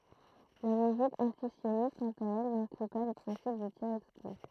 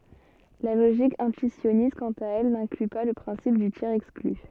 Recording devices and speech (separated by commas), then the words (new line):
throat microphone, soft in-ear microphone, read sentence
La logique intuitionniste, quant à elle, n'inclut pas le principe du tiers-exclu.